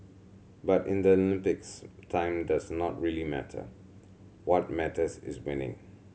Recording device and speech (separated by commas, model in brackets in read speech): mobile phone (Samsung C7100), read sentence